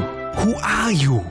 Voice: silly voice